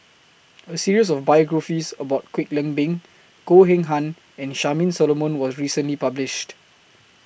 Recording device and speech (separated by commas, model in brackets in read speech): boundary microphone (BM630), read sentence